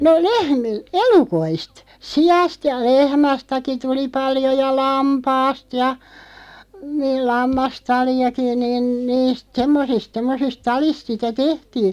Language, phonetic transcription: Finnish, 'no "lehmi- , "elukoist , "si₍ast ja 'lehmästäki 'tuli 'paljo ja "lampaast ja , niil 'lammas'tali₍aki niin 'niist "semmosist 'semmosist "talist sitä "tehtii .
- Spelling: no - elukoista siasta ja lehmästäkin tuli paljon ja lampaasta ja niin lammastaliakin niin niistä semmoisista semmoisista taleista sitä tehtiin

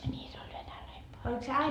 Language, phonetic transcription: Finnish, ńii se ol 'venäläi paime .
- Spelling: niin se oli venäläinen paimen

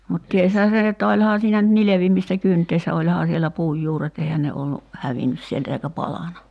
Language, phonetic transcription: Finnish, mut 'tieshää se(n) että 'oĺhaa siinä nyt 'nilevimistä "kynt̀eissä 'oĺhaa siellä 'puuj 'juuret 'eihän ne ollu , "hävinnys sieltä eikä 'palana .
- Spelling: mutta tiesihän sen että olihan siinä nyt nilvimistä kyntäessä olihan siellä puun juuret eihän ne ollut hävinnyt sieltä eikä palanut

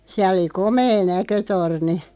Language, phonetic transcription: Finnish, 'siäˡ ‿oli "komee 'näkötorni .
- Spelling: siellä oli komea näkötorni

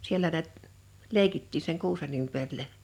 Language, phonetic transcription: Finnish, sielä nät , "leikittii seŋ "kuusen ‿ympärilä .
- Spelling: siellä näet leikittiin sen kuusen ympärillä

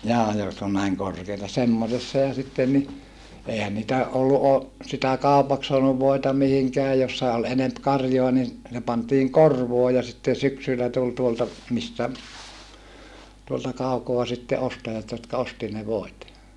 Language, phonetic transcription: Finnish, jaa jotk ‿on näiŋ korkeita semmosessa ja sitten ni , èihän nitä , ʼollu ʼo- , sitä kàupaks soanuv voita mihiŋkeä jossa ol enemp karjoa nin , se pantiiŋ korvoo ja sitte syksyllä tul tuolta , mistä , tuolta kaukoa sitte ostajat jotka osti ne voit .
- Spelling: jaa jotka on näin korkeita semmoisessa ja sitten niin eihän niitä ollut - sitä kaupaksi saanut voita mihinkään jossa oli enempi karjaa niin se pantiin korvoon ja sitten syksyllä tuli tuolta mistä tuolta kaukaa sitten ostajat jotka osti ne voit

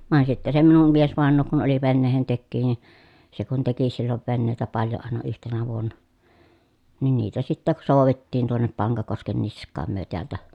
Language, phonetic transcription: Finnish, vàen sitte se minum miesvàen̆noo kun oli venneehentekkii ni , se kun teki sillov vennèi̮tä paljo àena yhtenä vuonna , nin niitä sittäk sòu̬vettiin tuonnep Paŋkakosken nisk̆kaam myö teältä .
- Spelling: vain sitten se minun miesvainaja kun oli veneentekijä niin se kun teki silloin veneitä paljon aina yhtenä vuonna niin niitä sitten soudettiin tuonne Pankakosken niskaan me täältä

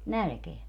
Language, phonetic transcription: Finnish, "nälkeä .
- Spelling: nälkään

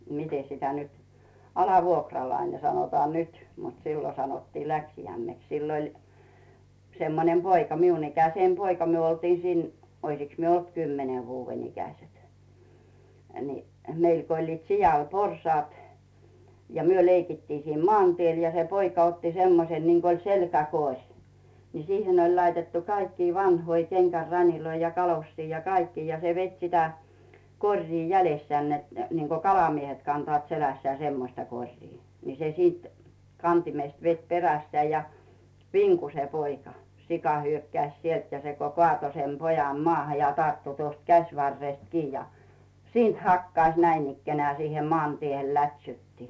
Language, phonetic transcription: Finnish, 'mite sitä nyt , "alavuokralaine 'sanotaa "nyt , mut "siilo sanottii 'läksijämmeks sill ‿oĺ , 'semmonem "poika 'miun ikäseem "poika 'myö oltii siin , 'oisiks myö olt "kymmene vuuven 'ikäset , ni , 'meil ko oĺliit 'sijal "porsᵒàt , ja 'myö leikittii siin "mᵒàn'tiel ja se 'poika otti "semmosen niŋk ‿oĺ 'selkä'koŕ , nii "sihen ‿oĺ 'laitettu 'kaikkii 'vanhoi kenɢär 'raniloi ja 'kalossii ja "kaikkii ja se 'vet sitä , 'koŕrii 'jälessᵉä̀n net , niŋko "kalamiehet kantᵒàt 'selässää "semmosta 'koŕrii , ni se 'sìt , "kantimest vet 'perässᵉä̀ ja , "viŋku se 'poika , "sika 'hyökkäⁱs 'sielt ja se ko "koàto sem 'pojam 'moàha ja 'tarttu tuost 'käśvarrest 'kii ja , 'siint hakkaⁱś 'näinikkenᵉä̀ siihem 'moàntiehel 'lät́sytti .
- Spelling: miten sitä nyt alivuokralainen sanotaan nyt mutta silloin sanottiin läksijäimeksi sillä oli semmoinen poika minun ikäinen poika me oltiin siinä olisikos me ollut kymmenen vuoden ikäiset niin meillä kun olivat sialla porsaat ja me leikittiin siinä maantiellä ja se poika otti semmoisen niin kuin oli selkäkori niin siihen oli laitettu kaikkia vanhoja kengän raniloita ja kalosseja ja kaikkia ja se veti sitä koria jäljessään että niin kuin kalamiehet kantavat selässään semmoista koria niin se sitten kantimesta veti perässään ja vinkui se poika sika hyökkäsi sieltä ja se kun kaatoi sen pojan maahan ja tarttui tuosta käsivarresta kiinni ja siitä hakkasi näinikään siihen maantiehen lätsytti

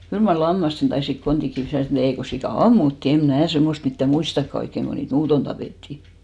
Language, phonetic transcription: Finnish, 'kyl mar "lammasten taisik 'kontik 'kiis sit ‿ol , 'ei ko 'sikà "ammuttì , eᵐ 'mnä̀ 'semmost mittä "muistakka oikkeŋ ɢo niit "muuton 'tapèttì .
- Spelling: kyllä mar lammasten taisivat kontit kiinni sitten olla ei kun sika ammuttiin en minä semmoista mitään muistakaan oikein kun niitä muuten tapettiin

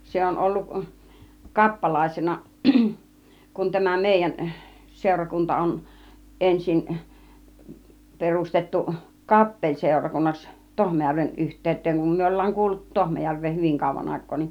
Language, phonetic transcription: Finnish, 'se on olluk , 'kappalàisena , kun tämä 'mèijän , 'sèurakunta on , 'ˀensin , 'perustettu , "kappeĺsèurakunnaks , 'Tohmajärven yht̆tèyt̆teeŋ kum myö 'ol̀laaŋ kuuluttu 'Tohmajärv̆veen 'hyviŋ kàùv̆van 'àik̆koo nin .
- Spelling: se on ollut kappalaisena kun tämä meidän seurakunta on ensin perustettu kappeliseurakunnaksi Tohmajärven yhteyteen kun me ollaan kuuluttu Tohmajärveen hyvin kauan aikaa niin

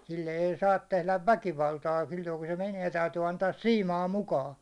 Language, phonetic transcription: Finnish, 'sille ei 'saat 'tehläv "väkivaltaa silloiku se 'menie 'täytyy 'antaas "siimaa 'mukaa .
- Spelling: sille ei saa tehdä väkivaltaa silloin kun se menee täytyy antaa siimaa mukaan

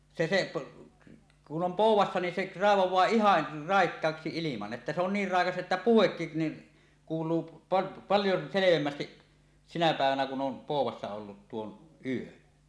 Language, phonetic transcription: Finnish, 'se se" , kun 'om "pòuw̆wassa ni 'seˀ , 'raevoẁaa "ihan , 'ràekkaaksi 'iliman että se on 'niir "ràekas '’että "puhekkin ni , kuul̀uu p- , 'paljo 'selevemmästiˀ , sinä pä̀evänä kun ’om 'pòuw̆wassa ollut 'tuon "ˀyön .
- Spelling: se se kun on poudassa niin se raivaa ihan raikkaaksi ilman että se on niin raikas että puhekin niin kuuluu - paljon selvemmin sinä päivänä kun on poudassa ollut tuon yön

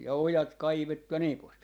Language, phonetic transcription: Finnish, ja "ojat 'kaivettu ja nii pois .
- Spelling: ja ojat kaivettu ja niin pois

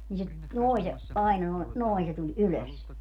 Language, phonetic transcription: Finnish, ni se , 'nòi se , 'aina noi̮ , "noi se tuĺ "ylös .
- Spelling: niin se noin se aina noin noin se tuli ylös

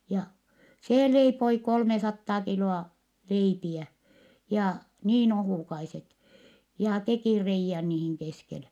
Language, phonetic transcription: Finnish, ja , see leipoi kolmesattaa kilo₍a , leipiä , ja , niin ohùkaiset , ja tekì reijjän niihiŋ keskele .
- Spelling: ja se leipoi kolmesataa kiloa leipiä ja niin ohukaiset ja teki reiän niihin keskelle

